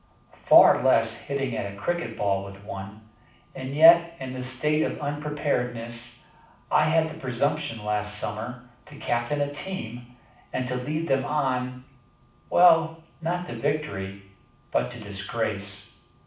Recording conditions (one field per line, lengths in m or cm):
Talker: one person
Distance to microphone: 5.8 m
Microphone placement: far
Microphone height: 1.8 m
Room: medium-sized (5.7 m by 4.0 m)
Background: none